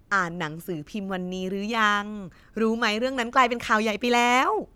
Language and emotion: Thai, happy